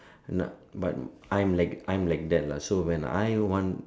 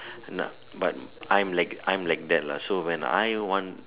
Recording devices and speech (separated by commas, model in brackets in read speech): standing microphone, telephone, conversation in separate rooms